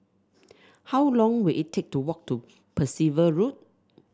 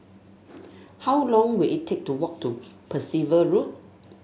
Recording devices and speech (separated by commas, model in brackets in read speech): standing microphone (AKG C214), mobile phone (Samsung S8), read sentence